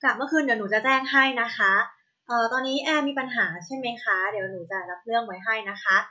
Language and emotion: Thai, neutral